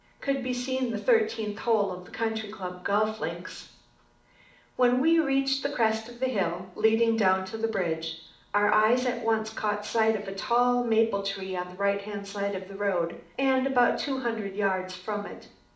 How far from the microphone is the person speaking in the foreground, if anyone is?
2.0 m.